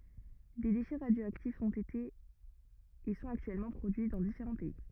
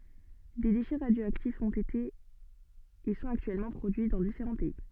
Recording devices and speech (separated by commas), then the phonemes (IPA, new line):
rigid in-ear microphone, soft in-ear microphone, read sentence
de deʃɛ ʁadjoaktifz ɔ̃t ete e sɔ̃t aktyɛlmɑ̃ pʁodyi dɑ̃ difeʁɑ̃ pɛi